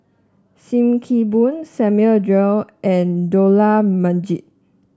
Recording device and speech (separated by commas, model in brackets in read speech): standing microphone (AKG C214), read sentence